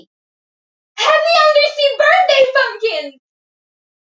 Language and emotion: English, happy